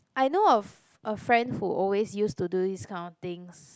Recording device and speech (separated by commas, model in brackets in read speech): close-talking microphone, conversation in the same room